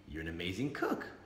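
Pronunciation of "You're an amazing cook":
'You're an amazing cook' is said with the tone of a delightful surprise, with a little tail hook in the intonation at the end.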